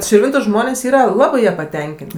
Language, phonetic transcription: Lithuanian, širˈvintu ˈžmonės' ˈyra ˈlabɜ ˈja paˈtenkėn't'

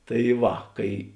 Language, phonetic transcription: Lithuanian, tai ˈva ˈkai

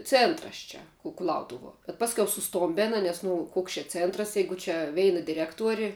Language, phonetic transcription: Lithuanian, ˈcėntras ˈčia kuˈlautuvuo bet ˈpaskiau suˈstombėna nes nu ˈkoks čia ˈcėntras ˈjeigu čia ˈveina diˈrektuori

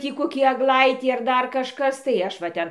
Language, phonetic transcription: Lithuanian, ˈtį koˈkį agˈlaitį ar ˈdar kažˈkas tai ˈaš va ˈten

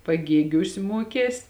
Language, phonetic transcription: Lithuanian, paˈgėgiūs ˈmuokės

